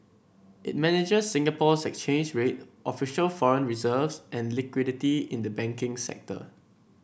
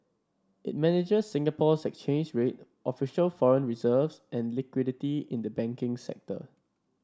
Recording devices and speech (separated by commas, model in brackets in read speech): boundary microphone (BM630), standing microphone (AKG C214), read sentence